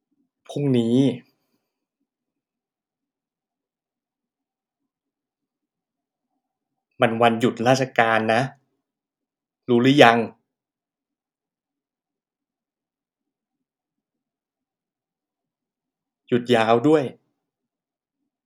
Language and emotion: Thai, frustrated